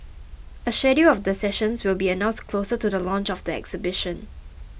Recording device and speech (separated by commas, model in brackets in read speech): boundary microphone (BM630), read sentence